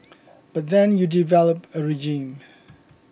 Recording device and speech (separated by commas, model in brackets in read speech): boundary microphone (BM630), read sentence